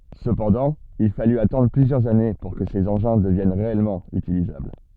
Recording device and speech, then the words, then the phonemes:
soft in-ear microphone, read sentence
Cependant il fallut attendre plusieurs années pour que ces engins deviennent réellement utilisables.
səpɑ̃dɑ̃ il faly atɑ̃dʁ plyzjœʁz ane puʁ kə sez ɑ̃ʒɛ̃ dəvjɛn ʁeɛlmɑ̃ ytilizabl

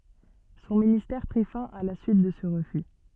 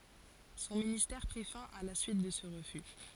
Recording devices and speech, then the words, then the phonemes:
soft in-ear microphone, forehead accelerometer, read sentence
Son ministère prit fin à la suite de ce refus.
sɔ̃ ministɛʁ pʁi fɛ̃ a la syit də sə ʁəfy

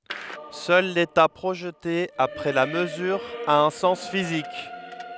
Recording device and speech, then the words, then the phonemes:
headset microphone, read sentence
Seul l'état projeté, après la mesure, a un sens physique.
sœl leta pʁoʒte apʁɛ la məzyʁ a œ̃ sɑ̃s fizik

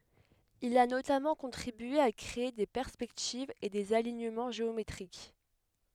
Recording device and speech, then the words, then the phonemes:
headset microphone, read sentence
Il a notamment contribué à créer des perspectives et des alignements géométriques.
il a notamɑ̃ kɔ̃tʁibye a kʁee de pɛʁspɛktivz e dez aliɲəmɑ̃ ʒeometʁik

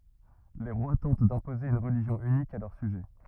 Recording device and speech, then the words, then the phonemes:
rigid in-ear microphone, read sentence
Les rois tentent d'imposer une religion unique à leurs sujets.
le ʁwa tɑ̃t dɛ̃poze yn ʁəliʒjɔ̃ ynik a lœʁ syʒɛ

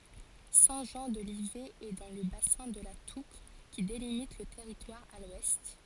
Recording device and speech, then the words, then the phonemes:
forehead accelerometer, read sentence
Saint-Jean-de-Livet est dans le bassin de la Touques qui délimite le territoire à l'ouest.
sɛ̃ ʒɑ̃ də livɛ ɛ dɑ̃ lə basɛ̃ də la tuk ki delimit lə tɛʁitwaʁ a lwɛst

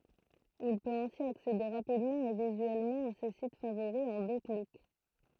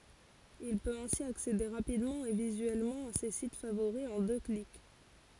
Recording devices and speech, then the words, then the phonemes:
throat microphone, forehead accelerometer, read sentence
Il peut ainsi accéder rapidement et visuellement à ses sites favoris en deux clics.
il pøt ɛ̃si aksede ʁapidmɑ̃ e vizyɛlmɑ̃ a se sit favoʁi ɑ̃ dø klik

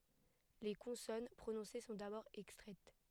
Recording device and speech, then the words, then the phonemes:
headset microphone, read sentence
Les consonnes prononcées sont d'abord extraites.
le kɔ̃sɔn pʁonɔ̃se sɔ̃ dabɔʁ ɛkstʁɛt

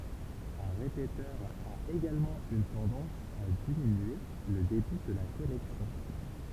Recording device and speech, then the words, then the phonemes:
temple vibration pickup, read sentence
Un répéteur a également une tendance à diminuer le débit de la connexion.
œ̃ ʁepetœʁ a eɡalmɑ̃ yn tɑ̃dɑ̃s a diminye lə debi də la kɔnɛksjɔ̃

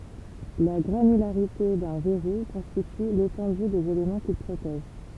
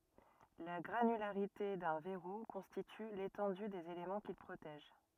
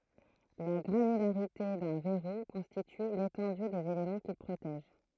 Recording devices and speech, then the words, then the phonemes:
temple vibration pickup, rigid in-ear microphone, throat microphone, read sentence
La granularité d'un verrou constitue l'étendue des éléments qu'il protège.
la ɡʁanylaʁite dœ̃ vɛʁu kɔ̃stity letɑ̃dy dez elemɑ̃ kil pʁotɛʒ

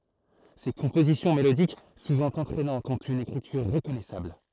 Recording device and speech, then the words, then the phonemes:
throat microphone, read sentence
Ses compositions mélodiques, souvent entraînantes, ont une écriture reconnaissable.
se kɔ̃pozisjɔ̃ melodik suvɑ̃ ɑ̃tʁɛnɑ̃tz ɔ̃t yn ekʁityʁ ʁəkɔnɛsabl

